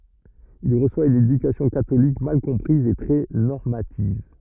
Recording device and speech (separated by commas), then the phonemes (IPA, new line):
rigid in-ear microphone, read sentence
il ʁəswa yn edykasjɔ̃ katolik mal kɔ̃pʁiz e tʁɛ nɔʁmativ